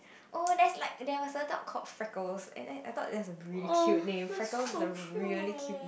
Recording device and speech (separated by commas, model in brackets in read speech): boundary microphone, conversation in the same room